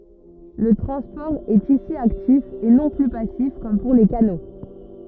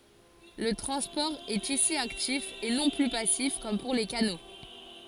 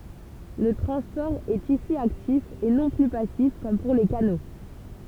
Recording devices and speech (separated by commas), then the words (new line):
rigid in-ear microphone, forehead accelerometer, temple vibration pickup, read sentence
Le transport est ici actif et non plus passif comme pour les canaux.